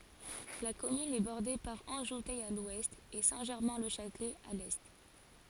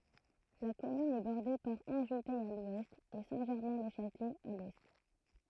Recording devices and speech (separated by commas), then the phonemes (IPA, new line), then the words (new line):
forehead accelerometer, throat microphone, read sentence
la kɔmyn ɛ bɔʁde paʁ ɑ̃ʒutɛ a lwɛst e sɛ̃tʒɛʁmɛ̃lɛʃatlɛ a lɛ
La commune est bordée par Anjoutey à l'ouest et Saint-Germain-le-Châtelet à l'est.